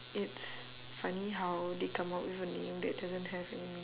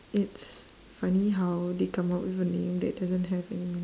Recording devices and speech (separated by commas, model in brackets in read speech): telephone, standing microphone, conversation in separate rooms